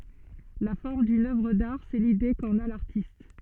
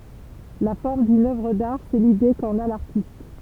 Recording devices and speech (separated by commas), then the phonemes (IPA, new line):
soft in-ear microphone, temple vibration pickup, read sentence
la fɔʁm dyn œvʁ daʁ sɛ lide kɑ̃n a laʁtist